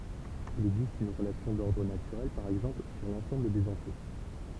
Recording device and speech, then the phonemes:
temple vibration pickup, read sentence
il ɛɡzist yn ʁəlasjɔ̃ dɔʁdʁ natyʁɛl paʁ ɛɡzɑ̃pl syʁ lɑ̃sɑ̃bl dez ɑ̃tje

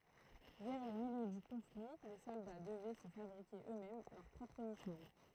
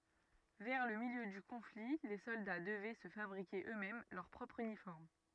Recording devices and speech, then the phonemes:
throat microphone, rigid in-ear microphone, read sentence
vɛʁ lə miljø dy kɔ̃fli le sɔlda dəvɛ sə fabʁike ø mɛm lœʁ pʁɔpʁ ynifɔʁm

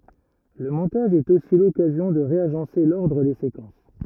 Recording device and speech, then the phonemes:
rigid in-ear microphone, read sentence
lə mɔ̃taʒ ɛt osi lɔkazjɔ̃ də ʁeaʒɑ̃se lɔʁdʁ de sekɑ̃s

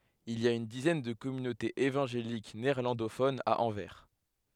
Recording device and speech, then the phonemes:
headset microphone, read sentence
il i a yn dizɛn də kɔmynotez evɑ̃ʒelik neɛʁlɑ̃dofonz a ɑ̃vɛʁ

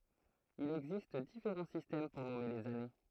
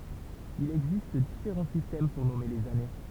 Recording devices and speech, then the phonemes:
throat microphone, temple vibration pickup, read sentence
il ɛɡzist difeʁɑ̃ sistɛm puʁ nɔme lez ane

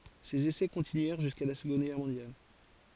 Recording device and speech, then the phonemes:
forehead accelerometer, read sentence
sez esɛ kɔ̃tinyɛʁ ʒyska la səɡɔ̃d ɡɛʁ mɔ̃djal

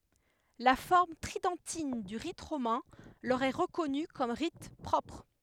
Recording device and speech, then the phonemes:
headset microphone, read sentence
la fɔʁm tʁidɑ̃tin dy ʁit ʁomɛ̃ lœʁ ɛ ʁəkɔny kɔm ʁit pʁɔpʁ

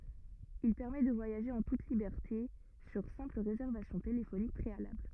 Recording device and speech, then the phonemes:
rigid in-ear microphone, read sentence
il pɛʁmɛ də vwajaʒe ɑ̃ tut libɛʁte syʁ sɛ̃pl ʁezɛʁvasjɔ̃ telefonik pʁealabl

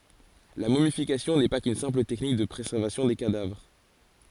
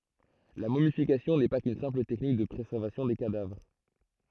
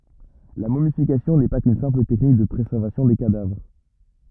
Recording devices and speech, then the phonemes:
forehead accelerometer, throat microphone, rigid in-ear microphone, read sentence
la momifikasjɔ̃ nɛ pa kyn sɛ̃pl tɛknik də pʁezɛʁvasjɔ̃ de kadavʁ

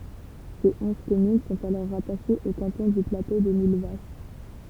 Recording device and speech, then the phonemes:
temple vibration pickup, read sentence
se ɔ̃z kɔmyn sɔ̃t alɔʁ ʁataʃez o kɑ̃tɔ̃ dy plato də milvaʃ

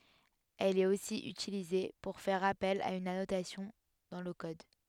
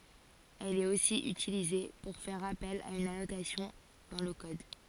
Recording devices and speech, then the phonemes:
headset microphone, forehead accelerometer, read sentence
ɛl ɛt osi ytilize puʁ fɛʁ apɛl a yn anotasjɔ̃ dɑ̃ lə kɔd

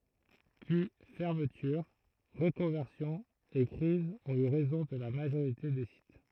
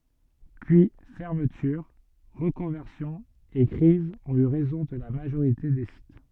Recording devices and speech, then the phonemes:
throat microphone, soft in-ear microphone, read sentence
pyi fɛʁmətyʁ ʁəkɔ̃vɛʁsjɔ̃z e kʁizz ɔ̃t y ʁɛzɔ̃ də la maʒoʁite de sit

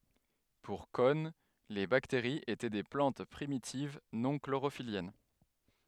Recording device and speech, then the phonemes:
headset microphone, read sentence
puʁ kɔn le bakteʁiz etɛ de plɑ̃t pʁimitiv nɔ̃ kloʁofiljɛn

